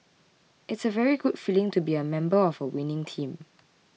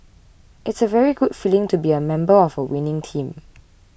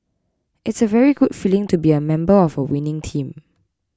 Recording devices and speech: mobile phone (iPhone 6), boundary microphone (BM630), close-talking microphone (WH20), read sentence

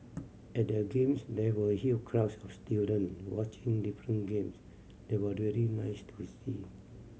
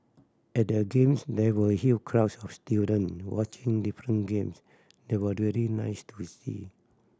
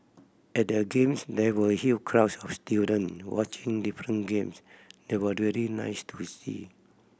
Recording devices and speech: mobile phone (Samsung C7100), standing microphone (AKG C214), boundary microphone (BM630), read sentence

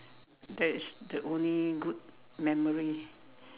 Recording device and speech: telephone, conversation in separate rooms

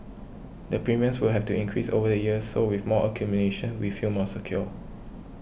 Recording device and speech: boundary microphone (BM630), read sentence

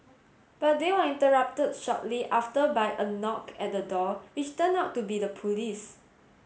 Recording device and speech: mobile phone (Samsung S8), read sentence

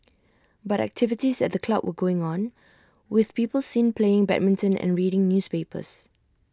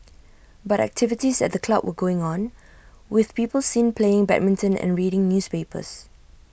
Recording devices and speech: standing microphone (AKG C214), boundary microphone (BM630), read sentence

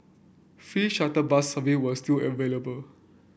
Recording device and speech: boundary microphone (BM630), read sentence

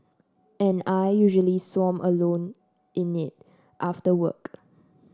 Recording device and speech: standing microphone (AKG C214), read sentence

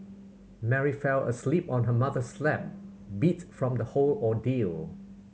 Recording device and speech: mobile phone (Samsung C7100), read sentence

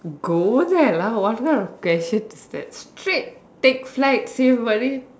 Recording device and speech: standing microphone, conversation in separate rooms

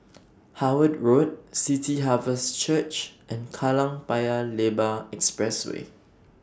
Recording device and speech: standing microphone (AKG C214), read sentence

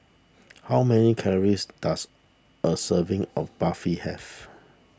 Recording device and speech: standing microphone (AKG C214), read sentence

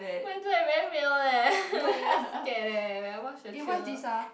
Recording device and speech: boundary microphone, conversation in the same room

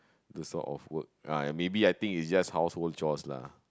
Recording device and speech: close-talking microphone, conversation in the same room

